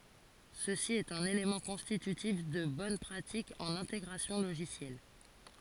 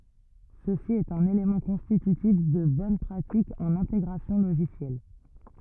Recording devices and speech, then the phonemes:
forehead accelerometer, rigid in-ear microphone, read sentence
səsi ɛt œ̃n elemɑ̃ kɔ̃stitytif də bɔn pʁatik ɑ̃n ɛ̃teɡʁasjɔ̃ loʒisjɛl

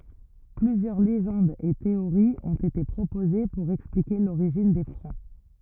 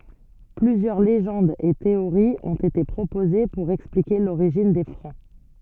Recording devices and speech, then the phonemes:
rigid in-ear microphone, soft in-ear microphone, read sentence
plyzjœʁ leʒɑ̃dz e teoʁiz ɔ̃t ete pʁopoze puʁ ɛksplike loʁiʒin de fʁɑ̃

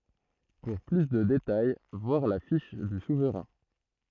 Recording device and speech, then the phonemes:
throat microphone, read sentence
puʁ ply də detaj vwaʁ la fiʃ dy suvʁɛ̃

